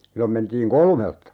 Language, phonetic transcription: Finnish, 'sillom mentiiŋ "kolmelta .
- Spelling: silloin mentiin kolmelta

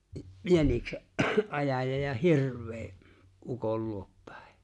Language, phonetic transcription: Finnish, 'jänikse’ '’ajaja ja 'hirv̀ee , '’ukol luop 'pᴀ̈̀ᴇ .
- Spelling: jäniksen ajaja ja hirveä ukon luo päin

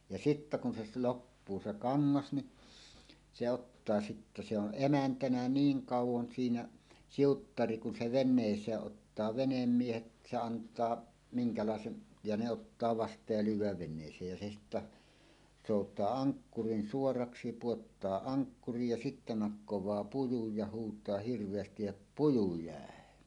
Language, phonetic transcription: Finnish, ja sittä kun se s- 'loppuu se "kaŋŋas ni , se ottaa sittä se ‿on "’emäntänä "niiŋ 'kàuw̆won siinä , 'siuttari kun se "ven̆nèis̀ee ’ottaa 'venemmiehet , se ant̀aa , miŋkalàesen , ja ne 'ottaa 'vast̀aaj ja lyyw̆wääv ven̆nèis̀eej ja se sittä , 'sòut̀aa "aŋkkurin 'suoraksi 'puottaa "aŋkkurij ja sittä nakkowaa "pujuj ja huutaa hirv̀eästij jo[ta] » "puju 'jä̀e « .
- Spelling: ja sitten kun se - loppuu se kangas niin se odottaa sitten se on emäntänä niin kauan siinä siuttari kun se veneeseen ottaa venemiehet se antaa minkälaisen ja ne ottaa vastaan ja lyödään veneeseen ja se sitten soutaa ankkurin suoraksi pudottaa ankkurin ja sitten nakkaa pujun ja huutaa hirveästi jotta puju jäi

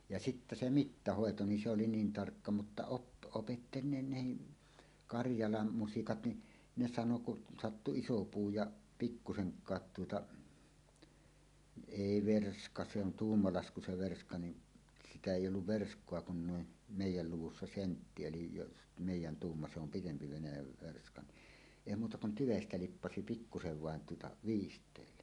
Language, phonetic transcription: Finnish, ja "sittä 'se "mittahòeto ni se oli niin 'tarkka mutta op- , opetteli ne nehi , "Karjalam 'musikat ni , 'ne 'sano kun sattu "iso 'puu ja , "pikkuseŋk̀aat tuota , 'èi "verska se ‿on "tuummalasku se 'verska nin , "sitä 'èij̆j ‿olluv "versk̀oa kun nuin , "mèij̆jäl 'luwussa "sentti elij jos "mèij̆jän 'tuumma se ‿om "pitempi 'Venäjäv 'verska ni , 'èi muuta kun "tyvestä 'lippasi "pikkusev 'vàen tuota , "viist̀èille .
- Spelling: ja sitten se mittahoito niin se oli niin tarkka mutta - opetteli ne nekin Karjalan musikat niin ne sanoi kun sattui iso puu ja pikkuisenkaan tuota ei verska se on tuumalasku se verska niin sitä ei ollut verskaa kun noin meidän luvussa sentti eli jos meidän tuuma se on pidempi Venäjän verska niin ei muuta kuin tyvestä liippasi pikkusen vain tuota viisteille

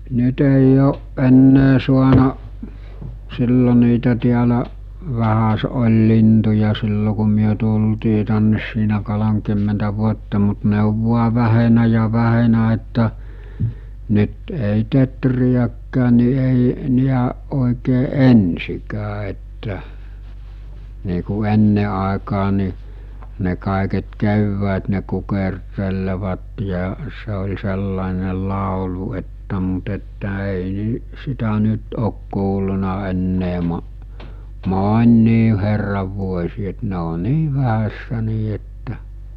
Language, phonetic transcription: Finnish, 'nyt ‿èij ‿ooˀ ˀennee suana’ , sillo niitä tiälä’ , vähäse ol̜ lintuja sillo ku myö tultii tännes siinä kolomkymmentä vuotta mut ne ov vua 'vähenä ja 'vähenä että , 'nyt èi 'tetrijäkkään̆ ni èi , 'niäˀ ˀòikee "ensikää että , nii ku 'enne àekaa ni , ne kàeket 'kewwäät ne kukertelevat ja , se ol̜ 'sellàene 'làolu että mut että èi ni- , sitä 'nyt ok kuulluna ennee mo- , 'môn̆́nii herrav vuos̜ii et ne o 'nii vähässä nii että .
- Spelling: nyt ei ole enää saanut silloin niitä täällä vähäsen oli lintuja silloin kun me tultiin tänne siinä kolmekymmentä vuotta mutta ne on vain vähentynyt ja vähentynyt että nyt ei teeriäkään niin ei niin oikein ensinkään että niin kuin ennen aikaan niin ne kaiket keväät ne kukertelevat ja se oli sellainen laulu että mutta että ei - sitä nyt ole kuullut enää - moniin herran vuosiin että ne on niin vähässä niin että

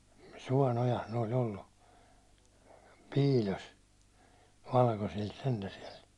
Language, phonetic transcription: Finnish, 'suån ‿ojas ne oĺ 'ollu , 'piil̜os , 'valkosilt sentä siɛl .
- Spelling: suon ojassa ne oli ollut piilossa valkoisilta sentään siellä

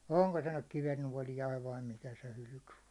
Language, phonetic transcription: Finnish, 'oŋko se nyk 'kivennuålijaiv vai 'mikä se hylʸky o .
- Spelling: onko se nyt kivennuoliainen vai mikä se hylky on

